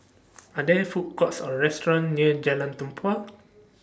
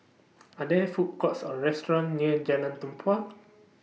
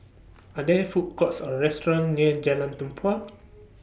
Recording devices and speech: standing microphone (AKG C214), mobile phone (iPhone 6), boundary microphone (BM630), read sentence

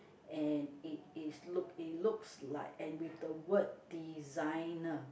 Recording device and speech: boundary microphone, conversation in the same room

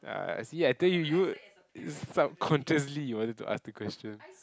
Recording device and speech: close-talking microphone, conversation in the same room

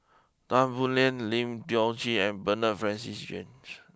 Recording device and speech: close-talking microphone (WH20), read sentence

